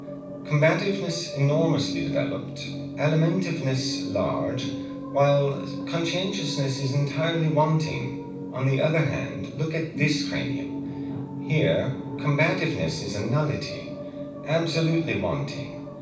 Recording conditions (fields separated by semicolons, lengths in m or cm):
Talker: one person; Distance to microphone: 5.8 m; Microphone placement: far; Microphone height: 1.8 m; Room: medium-sized (5.7 m by 4.0 m); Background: television